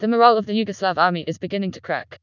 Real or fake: fake